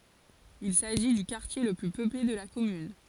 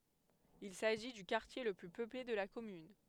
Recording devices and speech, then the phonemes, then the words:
forehead accelerometer, headset microphone, read sentence
il saʒi dy kaʁtje lə ply pøple də la kɔmyn
Il s'agit du quartier le plus peuplé de la commune.

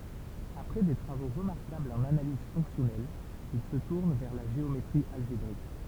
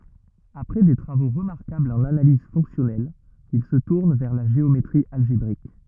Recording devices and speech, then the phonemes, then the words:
temple vibration pickup, rigid in-ear microphone, read sentence
apʁɛ de tʁavo ʁəmaʁkablz ɑ̃n analiz fɔ̃ksjɔnɛl il sə tuʁn vɛʁ la ʒeometʁi alʒebʁik
Après des travaux remarquables en analyse fonctionnelle, il se tourne vers la géométrie algébrique.

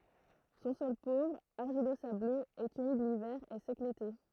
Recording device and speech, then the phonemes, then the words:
throat microphone, read sentence
sɔ̃ sɔl povʁ aʁʒilozabløz ɛt ymid livɛʁ e sɛk lete
Son sol pauvre, argilo-sableux, est humide l'hiver et sec l'été.

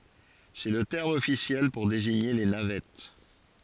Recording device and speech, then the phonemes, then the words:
forehead accelerometer, read sentence
sɛ lə tɛʁm ɔfisjɛl puʁ deziɲe le navɛt
C'est le terme officiel pour désigner les navettes.

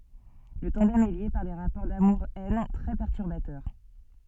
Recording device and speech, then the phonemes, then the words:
soft in-ear microphone, read sentence
lə tɑ̃dɛm ɛ lje paʁ de ʁapɔʁ damuʁ ɛn tʁɛ pɛʁtyʁbatœʁ
Le tandem est lié par des rapports d'amour-haine très perturbateurs.

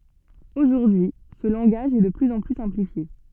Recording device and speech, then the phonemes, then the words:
soft in-ear microphone, read sentence
oʒuʁdyi sə lɑ̃ɡaʒ ɛ də plyz ɑ̃ ply sɛ̃plifje
Aujourd'hui, ce langage est de plus en plus simplifié.

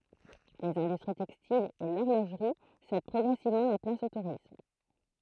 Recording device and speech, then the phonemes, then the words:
throat microphone, read sentence
lez ɛ̃dystʁi tɛkstilz e lɔʁloʒʁi sɛd pʁɔɡʁɛsivmɑ̃ la plas o tuʁism
Les industries textiles et l'horlogerie cèdent progressivement la place au tourisme.

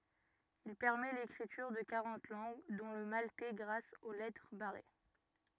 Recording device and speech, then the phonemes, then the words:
rigid in-ear microphone, read sentence
il pɛʁmɛ lekʁityʁ də kaʁɑ̃t lɑ̃ɡ dɔ̃ lə maltɛ ɡʁas o lɛtʁ baʁe
Il permet l’écriture de quarante langues, dont le maltais grâce aux lettres barrées.

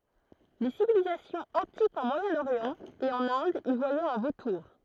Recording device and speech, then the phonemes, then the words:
throat microphone, read sentence
le sivilizasjɔ̃z ɑ̃tikz ɑ̃ mwajɛ̃oʁjɑ̃ e ɑ̃n ɛ̃d i vwajɛt œ̃ votuʁ
Les civilisations antiques en Moyen-Orient et en Inde y voyaient un vautour.

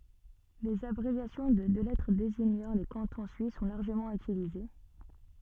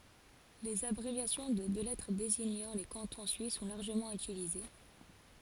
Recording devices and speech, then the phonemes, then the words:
soft in-ear microphone, forehead accelerometer, read sentence
lez abʁevjasjɔ̃ də dø lɛtʁ deziɲɑ̃ le kɑ̃tɔ̃ syis sɔ̃ laʁʒəmɑ̃ ytilize
Les abréviations de deux lettres désignant les cantons suisses sont largement utilisées.

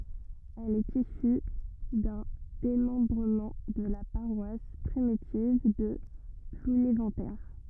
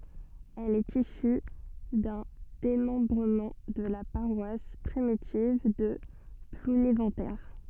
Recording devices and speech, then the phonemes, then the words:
rigid in-ear microphone, soft in-ear microphone, read sentence
ɛl ɛt isy dœ̃ demɑ̃bʁəmɑ̃ də la paʁwas pʁimitiv də plunevɑ̃te
Elle est issue d'un démembrement de la paroisse primitive de Plounéventer.

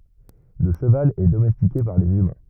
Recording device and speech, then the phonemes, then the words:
rigid in-ear microphone, read sentence
lə ʃəval ɛ domɛstike paʁ lez ymɛ̃
Le cheval est domestiqué par les humains.

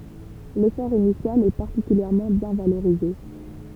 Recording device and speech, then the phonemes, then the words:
temple vibration pickup, read sentence
lefɔʁ inisjal ɛ paʁtikyljɛʁmɑ̃ bjɛ̃ valoʁize
L'effort initial est particulièrement bien valorisé.

